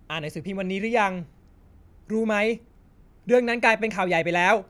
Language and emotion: Thai, neutral